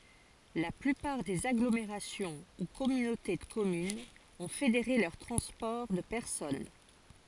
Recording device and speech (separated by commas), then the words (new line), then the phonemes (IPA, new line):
forehead accelerometer, read sentence
La plupart des agglomérations ou communautés de communes ont fédéré leur transport de personnes.
la plypaʁ dez aɡlomeʁasjɔ̃ u kɔmynote də kɔmynz ɔ̃ fedeʁe lœʁ tʁɑ̃spɔʁ də pɛʁsɔn